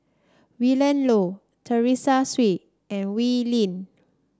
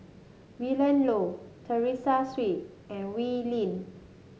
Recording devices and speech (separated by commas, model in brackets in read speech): standing microphone (AKG C214), mobile phone (Samsung S8), read sentence